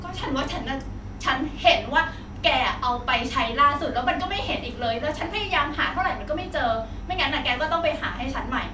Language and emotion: Thai, angry